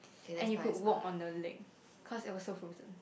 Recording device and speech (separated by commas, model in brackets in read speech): boundary microphone, conversation in the same room